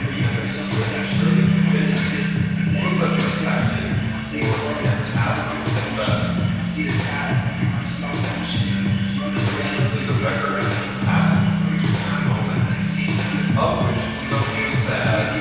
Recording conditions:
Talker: one person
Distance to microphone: 7.1 m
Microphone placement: far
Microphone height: 1.7 m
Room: very reverberant, large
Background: music

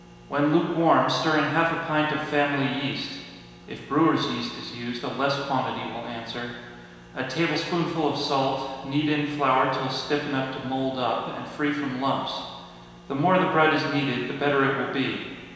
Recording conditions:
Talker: one person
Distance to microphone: 1.7 m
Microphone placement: close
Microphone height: 1.0 m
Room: very reverberant, large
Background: none

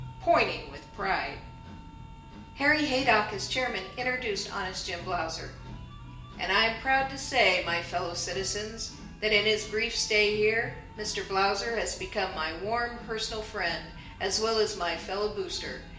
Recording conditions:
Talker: one person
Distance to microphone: 1.8 m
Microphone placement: close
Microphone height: 1.0 m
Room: large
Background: music

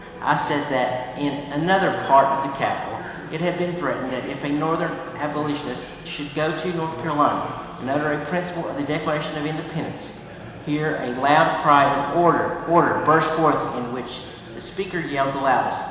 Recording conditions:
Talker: one person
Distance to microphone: 1.7 m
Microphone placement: close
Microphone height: 1.0 m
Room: very reverberant, large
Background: babble

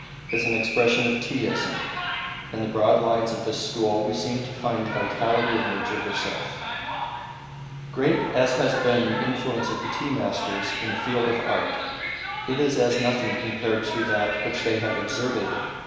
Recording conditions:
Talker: one person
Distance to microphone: 1.7 m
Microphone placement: close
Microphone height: 1.0 m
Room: very reverberant, large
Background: television

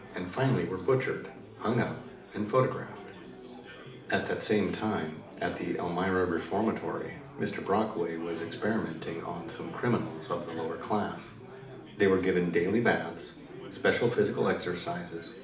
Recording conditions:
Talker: one person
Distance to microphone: 2.0 m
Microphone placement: close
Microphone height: 99 cm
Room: medium-sized (5.7 m by 4.0 m)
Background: babble

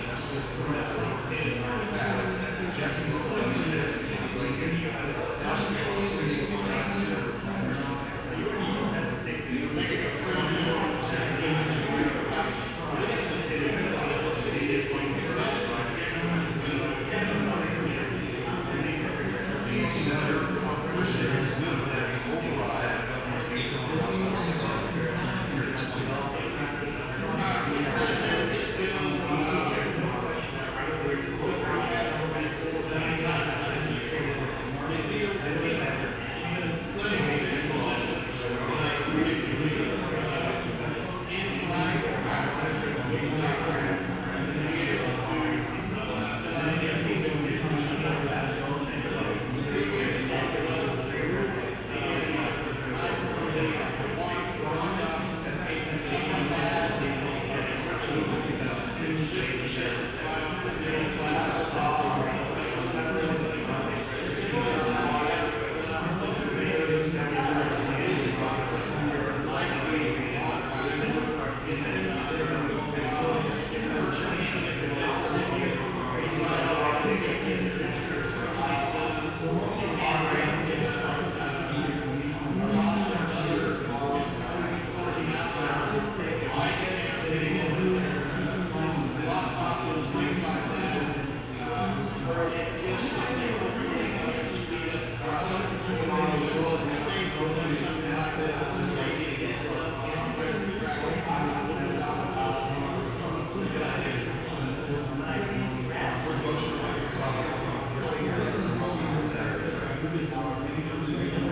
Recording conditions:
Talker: no one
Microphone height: 1.7 m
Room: very reverberant, large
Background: babble

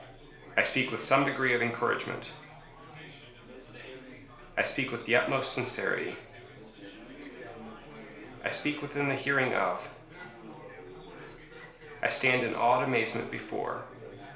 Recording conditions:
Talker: one person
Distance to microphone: 1.0 m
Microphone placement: close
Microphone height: 1.1 m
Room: small (3.7 m by 2.7 m)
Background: babble

